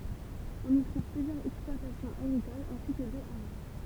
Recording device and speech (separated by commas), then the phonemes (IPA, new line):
temple vibration pickup, read sentence
ɔ̃n i tʁuv plyzjœʁz ɛksplwatasjɔ̃z aɡʁikolz ɛ̃si kə dø aʁa